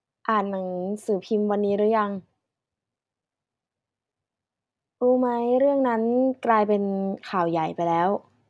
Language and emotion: Thai, frustrated